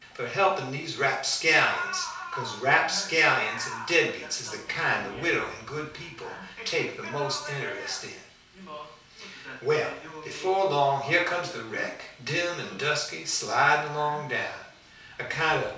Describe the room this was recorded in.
A small room.